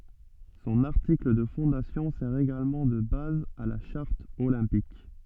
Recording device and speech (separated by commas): soft in-ear microphone, read sentence